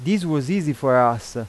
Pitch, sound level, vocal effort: 140 Hz, 91 dB SPL, loud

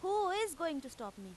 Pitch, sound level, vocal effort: 325 Hz, 93 dB SPL, very loud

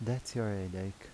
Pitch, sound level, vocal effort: 105 Hz, 78 dB SPL, soft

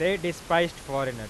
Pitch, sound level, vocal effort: 170 Hz, 97 dB SPL, loud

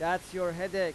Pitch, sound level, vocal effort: 180 Hz, 95 dB SPL, loud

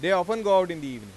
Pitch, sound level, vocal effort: 180 Hz, 100 dB SPL, loud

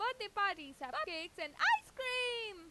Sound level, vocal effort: 99 dB SPL, very loud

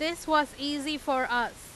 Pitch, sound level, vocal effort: 290 Hz, 95 dB SPL, very loud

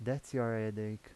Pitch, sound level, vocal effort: 110 Hz, 82 dB SPL, soft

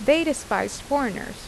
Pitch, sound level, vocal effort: 270 Hz, 85 dB SPL, normal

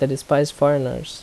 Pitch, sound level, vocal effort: 145 Hz, 80 dB SPL, normal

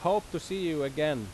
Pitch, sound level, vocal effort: 165 Hz, 91 dB SPL, very loud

